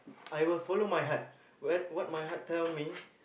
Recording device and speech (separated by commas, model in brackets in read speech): boundary microphone, conversation in the same room